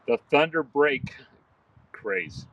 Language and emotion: English, fearful